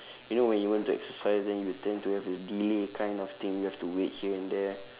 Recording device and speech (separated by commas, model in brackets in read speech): telephone, conversation in separate rooms